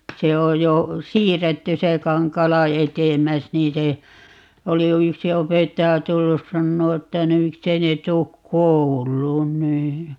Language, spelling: Finnish, se on jo siirretty se Kankaala edemmäs niin se oli jo yksi opettaja tullut sanomaan että no miksi ei ne tule kouluun niin
- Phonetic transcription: 'se oj jo "siirretty 'se 'Kaŋk̀aala "etem̆mäs 'nii se , 'oli (jo) "yksi 'opettaja 'tullus 'sannoo että » no 'miksei ne 'tuuk "koul̀uun » 'nii .

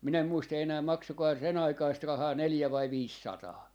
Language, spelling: Finnish, minä en muista enää maksoikohan se sen aikaista rahaa neljä vai viisisataa
- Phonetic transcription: 'min ‿em 'muista enää 'maksokohaa se 'sen ‿aikaist 'rahaa "neljä vai "viissataa .

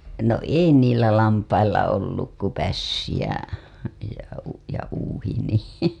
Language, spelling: Finnish, no ei niillä lampailla ollut kuin pässi ja ja - ja uuhi niin
- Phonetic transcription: no "ei niillä 'lampailla olluk ku 'pässi jä , ja u- , ja uuhi nì .

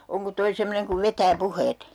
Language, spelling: Finnish, onko tuo semmoinen kun vetää puheet
- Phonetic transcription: oŋko 'toi "semmoneŋ kuv 'vetää 'puheet ?

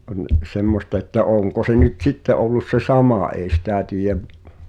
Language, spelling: Finnish, on semmoista että onko se nyt sitten ollut se sama ei sitä tiedä
- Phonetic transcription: on 'semmosta että "oŋko se nyt 'sitte ’ollus se "samà èi 'sitä tiij(ä)v ,.

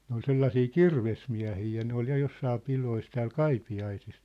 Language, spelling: Finnish, ne oli sellaisia kirvesmiehiä ja ne oli ja jossakin pidoissa täällä Kaipiaisissa
- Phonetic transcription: ne ‿ol 'sellasii "kirvesmiä̭hii ja 'ne ‿ol ja 'jossaa 'pilois tääl "Kaipi₍aisis .

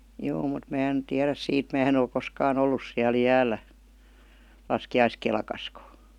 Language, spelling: Finnish, juu mutta minä en tiedä siitä minä en ole koskaan ollut siellä jäällä laskiaiskelkassakaan
- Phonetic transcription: 'juu mut 'mää en "tiäräs siit 'mää en ‿ol 'koskaa"n ‿ollus siäl "jääl̆lä , 'laski₍aiskelkaskə .

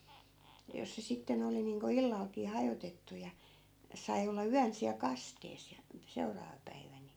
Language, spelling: Finnish, ja jos se sitten oli niin kuin illallakin hajotettu ja sai olla yön siellä kasteessa ja että seuraava päivä niin
- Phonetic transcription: ja 'jos se 'sitten ‿oli niiŋko 'illalkii 'hajotettu ja , 'sai̮ olla "yän siäl 'kastees ja , ᵉttä 'seuraava päivä ni .

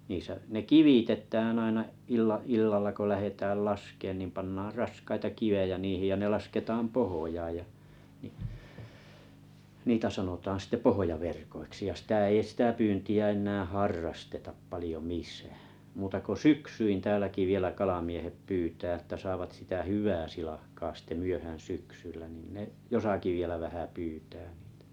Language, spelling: Finnish, niissä ne kivitetään aina - illalla kun lähdetään laskemaan niin pannaan raskaita kiviä niihin ja ne lasketaan pohjaan ja niin niitä sanotaan sitten pohjaverkoiksi ja sitä ei sitä pyyntiä enää harrasteta paljon missään muuta kuin syksyin täälläkin vielä kalamiehet pyytää että saavat sitä hyvää silakkaa sitten myöhään syksyllä niin ne jossakin vielä vähän pyytää niitä
- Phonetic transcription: niisä’ , ne 'kivitetääᵃ̰̈ aina , 'il- 'illalla ko 'lähetääl 'laskeen nìm pannaar 'raskaita 'kivejä niihij ja ne 'lasketaam "pohojaaj ja , nⁱ , 'niitä sanotaan sitte 'pohojaverkoiksi ja 'sⁱtä ei sⁱtä 'pyynti₍ä 'ennääᵃ̈ "harrastetaap 'palⁱjo "mis̀ᴀ̈ᴀ̈ , muuta ko "syksyin 'tääläki vielä 'kalamiehet 'pyytää ᵉttä saavat 'sitä "hyvää silahkaa sitte 'myöhä̀n 'syksyllä nin ne , 'josaki vielä vähä 'pyytää nɪɪtᴀ̈ .

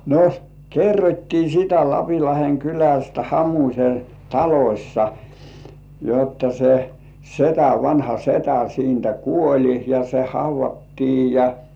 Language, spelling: Finnish, no kerrottiin sitä Lapinlahden kylästä Hamusen talossa jotta se setä vanha setä siitä kuoli ja se haudattiin ja
- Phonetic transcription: no , "kerrot́tii sitä 'Lapilaheŋ "kylästä 'Hamuśe "talośsa , jotta se , "setä vanha 'setä siintä "kuoĺi ja 'se "hauv̆vattii ja .

